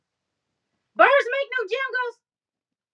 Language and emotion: English, neutral